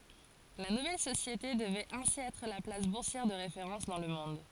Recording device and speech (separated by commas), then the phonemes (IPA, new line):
forehead accelerometer, read sentence
la nuvɛl sosjete dəvɛt ɛ̃si ɛtʁ la plas buʁsjɛʁ də ʁefeʁɑ̃s dɑ̃ lə mɔ̃d